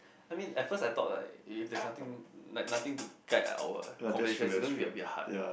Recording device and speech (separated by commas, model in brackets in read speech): boundary microphone, conversation in the same room